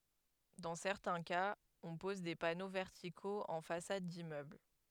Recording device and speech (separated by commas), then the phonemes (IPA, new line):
headset microphone, read sentence
dɑ̃ sɛʁtɛ̃ kaz ɔ̃ pɔz de pano vɛʁtikoz ɑ̃ fasad dimmøbl